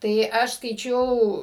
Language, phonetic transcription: Lithuanian, ˈtai ˈaš skaiˈčiau

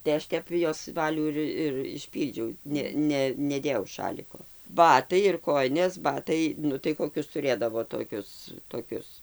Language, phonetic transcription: Lithuanian, tai ˈaš ˈtep jos ˈvalių ir ir išˈpyldžiau ˈne ˈne neˈdėjau ˈšaliko ˈbatai ir ˈkojinės ˈbatai ˈnu tai koˈkius tuˈrėdavo toˈkius toˈkius

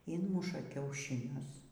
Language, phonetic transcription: Lithuanian, ˈinmuša kiaušiˈnius

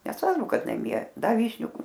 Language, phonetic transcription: Lithuanian, nesˈvarbu ˈkad naˈmie ˈdaˈvyšniu

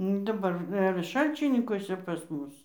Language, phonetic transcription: Lithuanian, nu daˈbar ir ˈšalčininkuose pas ˈmus

